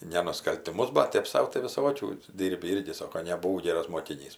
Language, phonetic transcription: Lithuanian, ne nuskaltiˈmus bat ˈtėp sau tai viˈsokių ˈdyrbi ˈirgi ˈsoko nebuˈvau ˈgėras mokiˈnys

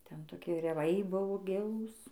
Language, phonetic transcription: Lithuanian, ˈten toˈkie reˈvai ˈbuvo ˈgilūs

